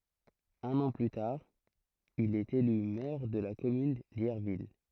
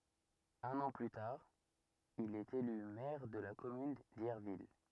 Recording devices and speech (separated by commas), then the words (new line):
throat microphone, rigid in-ear microphone, read sentence
Un an plus tard, il est élu maire de la commune d'Yerville.